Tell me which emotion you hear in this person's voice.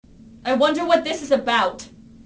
angry